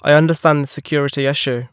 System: none